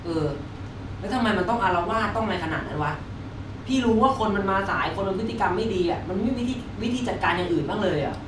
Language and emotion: Thai, frustrated